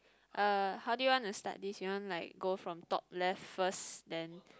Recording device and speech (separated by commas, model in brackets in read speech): close-talking microphone, conversation in the same room